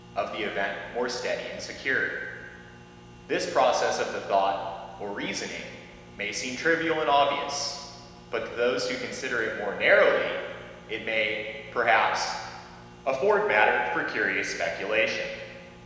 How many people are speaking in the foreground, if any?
One person.